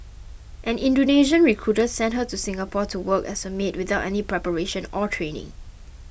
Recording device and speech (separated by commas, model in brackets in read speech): boundary microphone (BM630), read sentence